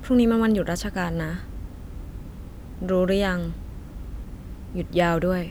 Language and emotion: Thai, frustrated